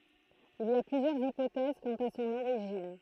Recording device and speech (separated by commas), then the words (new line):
throat microphone, read sentence
Il y a plusieurs hypothèses quant à son origine.